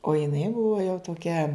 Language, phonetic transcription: Lithuanian, o jiˈnai ˈbuvo jau toˈkia

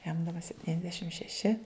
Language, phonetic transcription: Lithuanian, jam daˈba septyniasˈdešim šeˈši

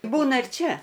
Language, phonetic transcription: Lithuanian, ˈbūna ir ˈčia

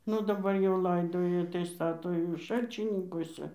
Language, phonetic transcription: Lithuanian, ˈnu daˈbar jau ˈlaidoja tai ˈstato jau ˈšalčininkose

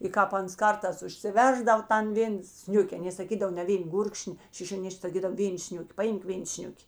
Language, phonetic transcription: Lithuanian, i ˈkāp ˈans ˈkartās užsiˈversdav ˈtan ˈvėn ˈsniuke aˈnė saˈkydav ne ˈvėn ˈgurkšni šišioˈniš'k' saˈkydav ˈvėn ˈsniuki paˈimk ˈvėn ˈsniuki

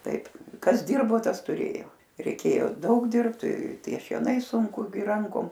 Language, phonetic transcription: Lithuanian, ˈtaip ˈkas ˈdirbo ˈtas tuˈrėjo reiˈkėjo ˈdaug ˈdirbt ˈtie šieˈnai sunˈku gi ˈrankom

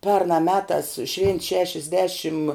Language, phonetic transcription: Lithuanian, ˈpernā ˈmetās švėnt ˈšešiasˌdešim

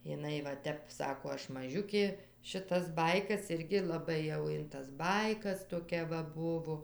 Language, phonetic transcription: Lithuanian, jiˈnai va ˈtep ˈsako ˈaš maˈžiukė šiˈtas ˈbaikas ˈirgi laˈbai jau in tas ˈbaikas toˈkia va ˈbuvo

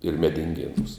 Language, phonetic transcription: Lithuanian, ir medinˈgėnūs

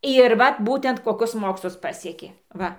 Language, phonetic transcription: Lithuanian, ir ˈvat ˈbūtent koˈkus ˈmokslus ˈpasiekė ˈva

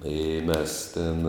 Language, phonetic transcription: Lithuanian, ˈi ˈmes ˈten

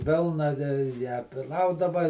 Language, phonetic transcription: Lithuanian, ˈvilna te ją ˈplaudava

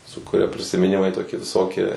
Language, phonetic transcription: Lithuanian, su kuˈria prisimiˈnimai ˈtokie viˈsokie

